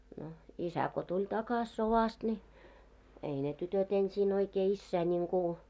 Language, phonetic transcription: Finnish, no , "isä ko 'tuĺ takas 'sovast ńi , 'ei ne tytöt ensiin oikee 'issää ńiŋku ,.
- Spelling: no isä kun tuli takaisin sodasta niin ei ne tytöt ensin oikein isää niin kuin

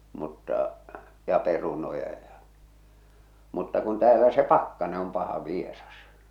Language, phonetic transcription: Finnish, mutta , ja 'perunoja ja , mutta kun 'täälä se "pakkane om 'paha "vieras .
- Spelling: mutta ja perunoita ja mutta kun täällä se pakkanen on paha vieras

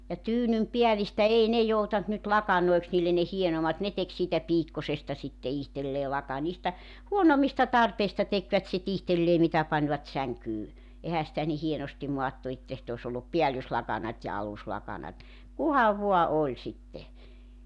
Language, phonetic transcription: Finnish, ja 'tyynym'piälistä 'ei ne 'joutant nyt 'lakanoiks niillen ne 'hienomat 'ne tek siitä 'piikkasesta sitte 'ihtellee laka- niistä , 'huonom̆mista 'tarpeista tekvät sit 'ihtellee 'mitä pańvat 'säŋkyy , 'ehä sitä ni 'hienostim 'moattu 'että sit ‿os ‿ollup "piällyslakanat́ ja 'aluslakanat , 'kuhav vo̭a 'oĺ sitte .
- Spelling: ja tyynynpäällistä ei ne joutanut nyt lakanoiksi niille ne hienommat ne teki siitä piikkoisesta sitten itselleen - niistä huonommista tarpeista tekivät sitten itselleen mitä panivat sänkyyn eihän sitä niin hienosti maattu että sitten olisi ollut päällyslakanat ja aluslakanat kunhan vain oli sitten

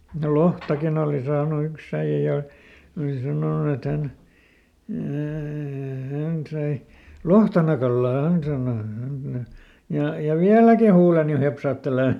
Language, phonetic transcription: Finnish, no "lohtakin ‿òli saanu ˈyks ‿äiʲä ja , oli ˈsanònu et ˈhän , ää- » ˈhän sai , "lohtanakallaa » ˈhän sàno , ja , » ja "viäläki huuleni ˈhepsaattelè ! »
- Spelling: no lohtakin oli saanut yksi äijä ja oli sanonut että hän - hän sai lohtanakalaa hän sanoi ja ja vieläkin huuleni hepsahtelee

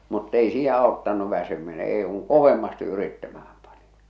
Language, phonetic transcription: Finnish, mut't ‿ei 'sii 'aottan̆nu 'väsymine 'èḙ kuŋ "kovemmasti 'yrittämähᴀ̈ᴍ pᴀɴɪ .
- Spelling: mutta ei siinä auttanut väsyminen ei kun kovemmasti yrittämään pani

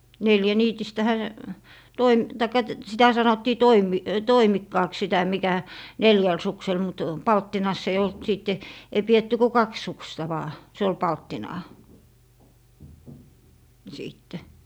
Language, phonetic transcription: Finnish, 'neljäniitistähä , 'toim - taikka t- , sitä 'sanottii 'toimi- , "toimikkaaks 'sitä 'mikä , "neljäl 'suksel mut , "palttinas ‿ei olt 'sìtte , 'ei 'pietty ku "kaks 'suksta 'vaa , 'se ol "palttinaa , 'siitte .
- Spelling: neljäniitistähän - tai - sitä sanottiin - toimikkaaksi sitä mikä neljällä suksella mutta palttinassa ei ollut sitten ei pidetty kuin kaksi suksea vain se oli palttinaa sitten

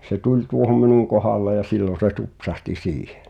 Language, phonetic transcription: Finnish, se 'tuĺ 'tuohom "minuŋ kohàlle ja 'sillon̬ se "tupsahti 'siihᴇ .
- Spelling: se tuli tuohon minun kohdalle ja silloin se tupsahti siihen

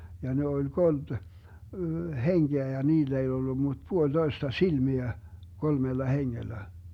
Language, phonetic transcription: Finnish, ja 'ne oĺ 'kolD , "heŋGeä ja 'niill ‿ei ollu mut 'puoĺ'Doista "silmiä , 'kolmella 'heŋŋellä .
- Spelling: ja ne oli kolme henkeä ja niillä ei ollut mutta puolitoista silmiä kolmella hengellä

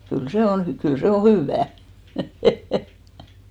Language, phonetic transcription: Finnish, 'kyl se 'on 'hy- , 'kyl 'se o "hỳvvää .
- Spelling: kyllä se on - kyllä se on hyvää

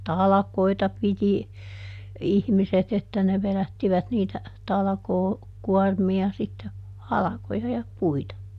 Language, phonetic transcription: Finnish, ja "talᵃkoita ˈpiti , ˈihmiset ‿että ne ˈveδättivät niitä , ˈtalᵃkoo- , -ˈkuɔrmi₍a sitte , "halᵃkoja ja ˈpuita .
- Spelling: ja talkoita piti ihmiset että ne vedättivät niitä - talkookuormia sitten halkoja ja puita

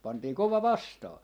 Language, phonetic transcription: Finnish, 'pantii "kova "vastaa .
- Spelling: pantiin kova vastaan

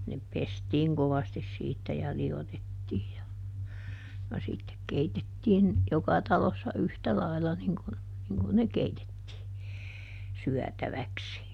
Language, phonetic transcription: Finnish, ne ˈpestiiŋ kovastis siittä ja ˈli₍otettiij ja , ja ˈsittek "keitettiin , ˈjoka talossa "yhtä ˈlailla niŋ kun , niŋ kun ne "keitettii , "syätäväksi .
- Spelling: ne pestiin kovasti siitä ja liotettiin ja ja sitten keitettiin joka talossa yhtä lailla niin kuin niin kuin ne keitettiin syötäväksi

